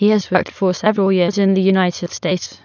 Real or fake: fake